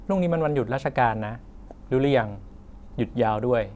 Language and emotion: Thai, neutral